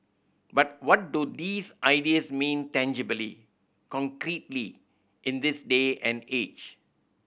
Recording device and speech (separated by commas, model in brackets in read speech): boundary microphone (BM630), read sentence